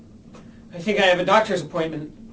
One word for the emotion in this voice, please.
fearful